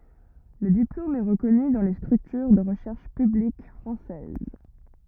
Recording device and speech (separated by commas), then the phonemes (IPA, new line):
rigid in-ear microphone, read sentence
lə diplom ɛ ʁəkɔny dɑ̃ le stʁyktyʁ də ʁəʃɛʁʃ pyblik fʁɑ̃sɛz